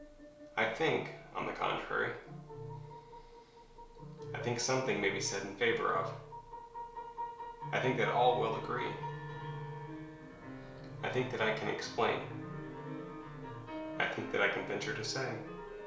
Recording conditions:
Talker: one person; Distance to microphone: 1.0 m; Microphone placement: close; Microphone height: 1.1 m; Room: small (3.7 m by 2.7 m); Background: music

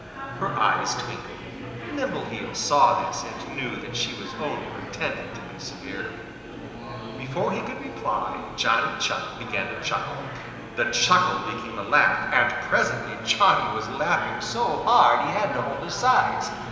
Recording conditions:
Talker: one person; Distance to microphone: 1.7 m; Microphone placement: close; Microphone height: 1.0 m; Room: very reverberant, large; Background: babble

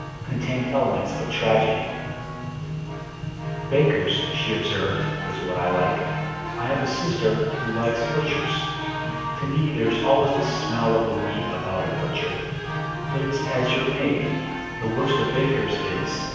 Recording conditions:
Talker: one person; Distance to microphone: 7.1 m; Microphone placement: far; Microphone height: 1.7 m; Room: very reverberant, large; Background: music

